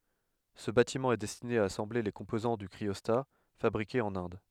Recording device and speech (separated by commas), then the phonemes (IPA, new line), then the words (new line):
headset microphone, read sentence
sə batimɑ̃ ɛ dɛstine a asɑ̃ble le kɔ̃pozɑ̃ dy kʁiɔsta fabʁikez ɑ̃n ɛ̃d
Ce bâtiment est destiné à assembler les composants du cryostat, fabriqués en Inde.